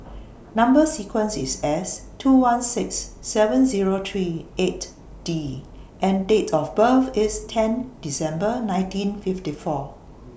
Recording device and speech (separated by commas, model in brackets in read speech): boundary microphone (BM630), read sentence